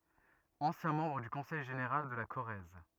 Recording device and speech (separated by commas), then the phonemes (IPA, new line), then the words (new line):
rigid in-ear microphone, read sentence
ɑ̃sjɛ̃ mɑ̃bʁ dy kɔ̃sɛj ʒeneʁal də la koʁɛz
Ancien membre du Conseil général de la Corrèze.